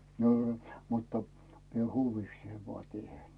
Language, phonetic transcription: Finnish, n ‿ol , muttᴀ , mie 'hu̳u̳viiksee voa "tⁱèn .
- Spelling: niin oli mutta minä huvikseni vain teen

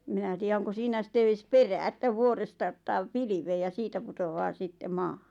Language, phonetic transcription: Finnish, eᵐ 'minä tii₍ä oŋko 'siinä sⁱtte ees "perää että 'vuoresta ottaa "pilivee ja 'siitä putovaa 'sitte "maahᴀ .
- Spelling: en minä tiedä onko siinä sitten edes perää että vuoresta ottaa pilveen ja siitä putoaa sitten maahan

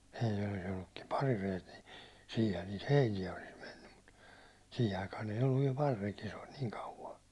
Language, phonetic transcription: Finnish, mᴇɪtil olis ‿ollukkim "parirejet ni , 'siihän niit "heinijä olis 'mennym mut , 'siihi aikaan̬ ‿eij ‿olluv viɛl 'par(i)rekijä (se) oĺ niiŋ 'kauva .
- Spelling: meillä olisi ollutkin parireet niin siinähän niitä heiniä olisi mennyt mutta siihen aikaan ei ollut vielä parirekiä se oli niin kauan

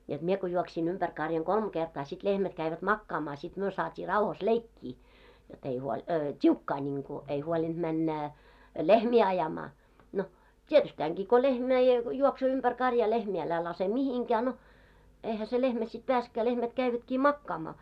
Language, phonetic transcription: Finnish, joᴅ mie ko juoksi'n ‿umpär karjaŋ "kolm 'ɢertaa sit 'lehmät 'käivät "makkaamaa , sit 'myö saat́ii 'rauhas "leikkii , jot ‿ei huoĺ , "t́iukkaa ńiŋku , ei huolinᴅ 'männä , "lehmi ajamaa , no , "tietystääŋɢii ko 'lehmä ja , 'juoksoo umpär 'karjaa 'lehmi älä 'lase "mihiŋkää no , 'eihä se lehmä sit 'peäsᵉkkää lehmät 'käivätkii "makkaamaa .
- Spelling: jotta minä kun juoksin ympäri karjan kolme kertaa sitten lehmät kävivät makaamaan sitten me saatiin rauhassa leikkiä jotta ei huoli tiukkaa niin kuin ei huolinut mennä lehmiä ajamaan no tietystikin kun lehmä ja juoksee ympäri karjaa lehmiä älä laske mihinkään no eihän se lehmä sitten päässytkään lehmät kävivätkin makaamaan

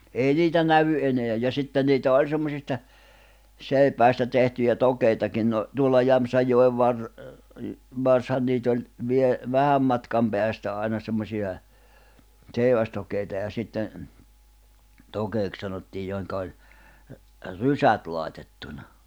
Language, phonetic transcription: Finnish, 'èi 'niitä 'nävy ’eneäj ja 'sitten niitä 'oĺ semmosista , 'sèipäistä tehtyjä 'tokeitakin no , tuolla 'Jämᵖsäjjo₍ev var- , "varshan niit ‿oĺ , vie- , "vähäm matkam 'peästä àina semmosi₍a , 'ᵗseivästok̆keita ja sitten̬ , 'tokeek sanottiij joi̬ŋka oĺ , "rysät làitettuna .
- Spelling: ei niitä näy enää ja sitten niitä oli semmoisista seipäistä tehtyjä tokeitakin no tuolla Jämsänjoen - varsihan niitä oli - vähän matkan päästä aina semmoisia seivästokeita ja sitten tokeeksi sanottiin joihin oli rysät laitettuna

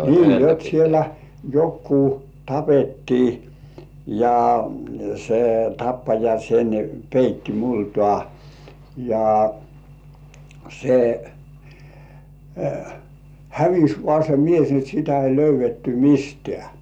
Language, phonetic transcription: Finnish, nii jot siellä , 'jokkuu "tapettii , ja , se "tappaja sen , peitti 'multŏà , ja , se , "hävis 'vŏà se 'mies ni et sitä ei 'löyv̆vetty "mistĕä̀ .
- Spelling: niin jotta siellä joku tapettiin ja se tappaja sen peitti multaan ja se hävisi vain se mies niin että sitä ei löydetty mistään

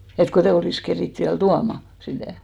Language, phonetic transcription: Finnish, et 'kotei olìs 'kerìt viäl "tuama , 'sitä̀ .
- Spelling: että kun ei olisi keritty vielä tuomaan sitä

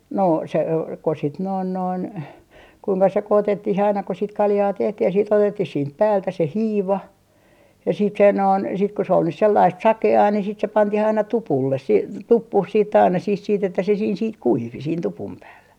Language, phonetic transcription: Finnish, 'no se o - ko sit noin noin , 'kuiŋka 'sekootettih aina ko sit "kaljaa 'tehtih ja siit 'otettih siint 'päältä se "hiiva , ja siit se 'noin , sit ko se ol nys 'sellaist "sake₍aa ni sit se 'pantih aina "tupulles sii- , "tuppuh siit ‿aina sih siit ‿että se siin sit "kuivi siin 'tupum 'päällä .
- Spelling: no se - kun sitten noin noin kuinka sekoitettiin aina kun sitten kaljaa tehtiin ja sitten otettiin siitä päältä se hiiva ja sitten se noin sitten kun se oli nyt sellaista sakeaa niin sitten se pantiin aina tupulle - tuppuun sitten aina siihen sitten että se siinä sitten kuivui siinä tupun päällä

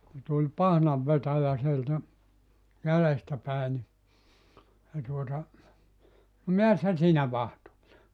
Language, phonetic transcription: Finnish, ku tuĺ "pahnav'vetäjä sieltä , 'jälestä pä̀e ni , se tuota , » no "mi₍äs sä 'siinä 'vahtoa(let) ? «
- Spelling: kun tuli pahnanvetäjä sieltä jäljestä päin niin se tuota no mitäs sinä siinä vahtailet

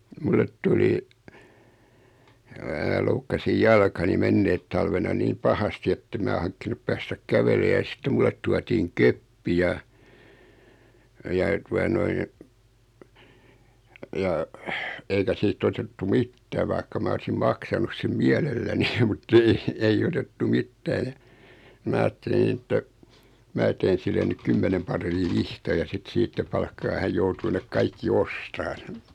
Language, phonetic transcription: Finnish, 'mullet tuli , (mää) loukkasij 'jalkani 'menneet talvena 'niim "pahasti ettem mää 'haŋkkinup päästäk "kävelee ja 'sⁱtte mᵘllet 'tuatiiŋ "köppi ja , ja 'tua noin , ja , 'eikä sii't ‿otettu "mittää vaikka 'ma olsim 'maksanus sem "miɛlelläni mut"t ‿ei , ei'j ‿otettu "mittää ja , 'mää aattelin ‿että , 'mää teen 'sille nyk 'kymmenem par̀ii 'vihtaja 'sit "siittä palkkaa 'häj joutuu nek 'kaikki "ostaan .
- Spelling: minulle tuli minä loukkasin jalkani menneenä talvena niin pahasti että en minä hankkinut päästä kävelemään ja sitten minulle tuotiin keppi ja ja tuota noin ja eikä siitä' otettu mitään vaikka minä olisin maksanut sen mielelläni mutta ei ei otettu mitään ja minä ajattelin että minä teen sille nyt kymmenen paria vihtoja sitten siitä palkkaa hän joutuu ne kaikki ostamaan

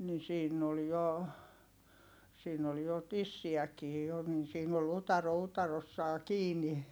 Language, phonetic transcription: Finnish, ni siinn ‿ol jo , siin ‿ol jo tissi₍äkii jo nin siin ‿ol utaro utarossaa kiini .
- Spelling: niin siinä oli jo siinä oli jo tissiäkin jo niin siinä oli utare utareessaan kiinni

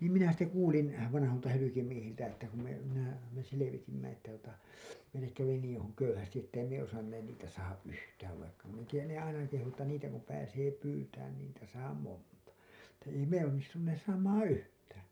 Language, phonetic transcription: Finnish, niim minä sitte "kuulin , vanaholta hylykimiehiltä että ku me , minä , me selevitimmä että tuota , meillek kävi niiḭ hu- , 'köyhästi 'että ei me osanneen niitä saaha’ ’yhtääv vaikka , min ‿en tiijän ne 'aina kehu että 'niitä kum pääsee 'pyytään ni niitä saa "monta , että ei 'me onnistunnees saamaaa̰ "yhtään̬ .
- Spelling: niin minä sitten kuulin vanhoilta hyljemiehiltä että kun me minä me selvitimme että tuota meille kävi niin - köyhästi että ei me osanneet niitä saada yhtään vaikka minä en tiedä ne aina kehui että niitä kun pääsee pyytämään niin niitä saa monta että ei me onnistuneet saamaan yhtään

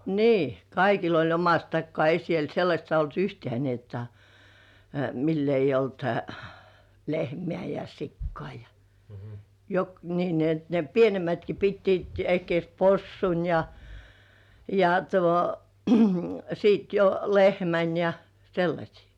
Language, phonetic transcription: Finnish, nii , "kaikil ‿oĺ omast 'takkŏà , "ei siel 'sellaśt olt "yhtĕä̀ ni ‿jotta , mill ‿eij̆j ‿olt , "lehmĕä̀ ja "sikkŏà ja , 'jok- , nii ni ‿et ne 'pienemätki pittiit ehkĭès "possun , ja , ja tuo , sit jo "lehmän ja , 'sellaśii .
- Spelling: niin kaikilla oli omasta takaa ei siellä sellaista ollut yhtään niin jotta millä ei ollut lehmää ja sikaa ja - niin niin että ne pienemmätkin pitivät ehkiedes possun ja ja tuon sitten jo lehmän ja sellaisia

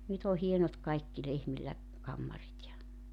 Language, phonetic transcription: Finnish, 'nyt ‿o 'hienot kaikki 'lehmillä , 'kammarit ja ,.
- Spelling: nyt on hienot kaikki lehmillä kammarit ja

